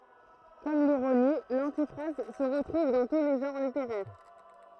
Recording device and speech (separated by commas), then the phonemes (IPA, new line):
throat microphone, read sentence
kɔm liʁoni lɑ̃tifʁaz sə ʁətʁuv dɑ̃ tu le ʒɑ̃ʁ liteʁɛʁ